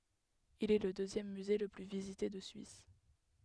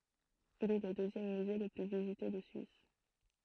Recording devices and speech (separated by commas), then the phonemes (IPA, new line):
headset microphone, throat microphone, read sentence
il ɛ lə døzjɛm myze lə ply vizite də syis